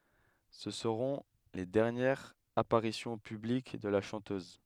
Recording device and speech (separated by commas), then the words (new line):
headset microphone, read sentence
Ce seront les dernières apparitions publiques de la chanteuse.